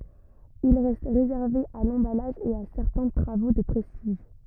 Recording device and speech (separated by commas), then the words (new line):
rigid in-ear microphone, read sentence
Il reste réservé à l'emballage et à certains travaux de prestige.